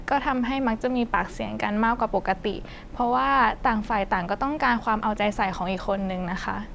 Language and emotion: Thai, frustrated